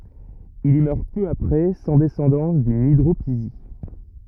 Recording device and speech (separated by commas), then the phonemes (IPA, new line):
rigid in-ear microphone, read sentence
il i mœʁ pø apʁɛ sɑ̃ dɛsɑ̃dɑ̃s dyn idʁopizi